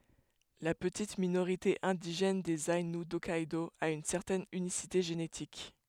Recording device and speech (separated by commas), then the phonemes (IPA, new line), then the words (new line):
headset microphone, read sentence
la pətit minoʁite ɛ̃diʒɛn dez ainu dɔkkɛdo a yn sɛʁtɛn ynisite ʒenetik
La petite minorité indigène des Aïnous d'Hokkaidō a une certaine unicité génétique.